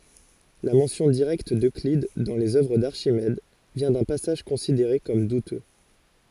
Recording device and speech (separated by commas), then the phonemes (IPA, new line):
forehead accelerometer, read sentence
la mɑ̃sjɔ̃ diʁɛkt døklid dɑ̃ lez œvʁ daʁʃimɛd vjɛ̃ dœ̃ pasaʒ kɔ̃sideʁe kɔm dutø